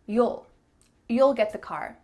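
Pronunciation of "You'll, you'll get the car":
"You'll" is said both times in the relaxed, natural way, with an ul sound, and then in the sentence "you'll get the car."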